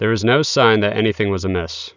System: none